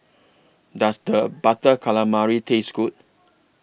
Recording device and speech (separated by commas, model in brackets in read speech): boundary microphone (BM630), read sentence